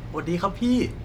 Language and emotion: Thai, happy